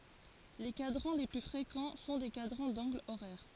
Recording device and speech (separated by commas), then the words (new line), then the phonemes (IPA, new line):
forehead accelerometer, read sentence
Les cadrans les plus fréquents sont des cadrans d'angles horaires.
le kadʁɑ̃ le ply fʁekɑ̃ sɔ̃ de kadʁɑ̃ dɑ̃ɡlz oʁɛʁ